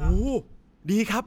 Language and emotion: Thai, happy